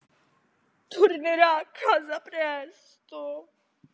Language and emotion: Italian, sad